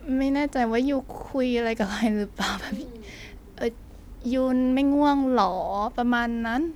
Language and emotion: Thai, happy